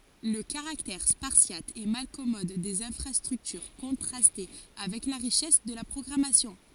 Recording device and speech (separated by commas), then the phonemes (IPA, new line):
forehead accelerometer, read sentence
lə kaʁaktɛʁ spaʁsjat e malkɔmɔd dez ɛ̃fʁastʁyktyʁ kɔ̃tʁastɛ avɛk la ʁiʃɛs də la pʁɔɡʁamasjɔ̃